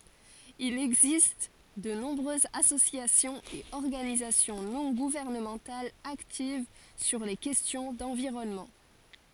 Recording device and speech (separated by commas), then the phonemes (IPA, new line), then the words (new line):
forehead accelerometer, read sentence
il ɛɡzist də nɔ̃bʁøzz asosjasjɔ̃z e ɔʁɡanizasjɔ̃ nɔ̃ ɡuvɛʁnəmɑ̃talz aktiv syʁ le kɛstjɔ̃ dɑ̃viʁɔnmɑ̃
Il existe de nombreuses associations et organisations non gouvernementales actives sur les questions d'environnement.